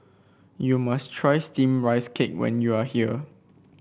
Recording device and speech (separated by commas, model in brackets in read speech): boundary microphone (BM630), read sentence